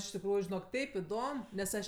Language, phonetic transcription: Lithuanian, iš tikˈrųju žiˈnok ˈteip iˈdom nes ˈaš

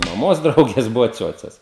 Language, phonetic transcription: Lithuanian, maˈmos ˈdraugės ˈbuvo ˈciuoces

